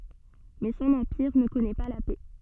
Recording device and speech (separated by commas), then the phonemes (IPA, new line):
soft in-ear microphone, read sentence
mɛ sɔ̃n ɑ̃piʁ nə kɔnɛ pa la pɛ